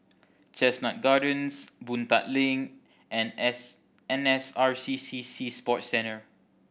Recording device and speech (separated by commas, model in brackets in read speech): boundary microphone (BM630), read sentence